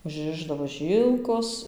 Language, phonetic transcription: Lithuanian, užˈrišdavo ˈžylkos

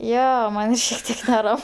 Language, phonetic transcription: Lithuanian, ˈjo ˈman' šiek ˈtiek neˈram

